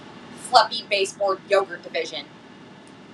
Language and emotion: English, angry